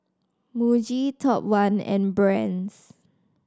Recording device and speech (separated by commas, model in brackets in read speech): standing microphone (AKG C214), read sentence